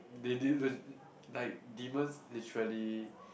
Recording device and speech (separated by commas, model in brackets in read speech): boundary microphone, conversation in the same room